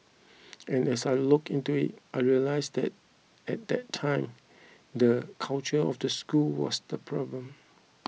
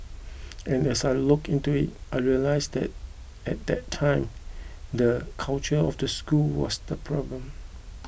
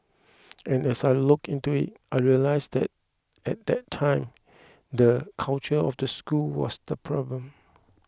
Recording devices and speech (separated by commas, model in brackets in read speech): mobile phone (iPhone 6), boundary microphone (BM630), close-talking microphone (WH20), read sentence